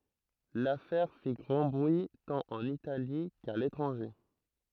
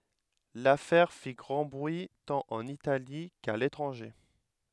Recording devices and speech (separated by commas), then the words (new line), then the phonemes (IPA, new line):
throat microphone, headset microphone, read sentence
L'affaire fit grand bruit tant en Italie qu'à l'étranger.
lafɛʁ fi ɡʁɑ̃ bʁyi tɑ̃t ɑ̃n itali ka letʁɑ̃ʒe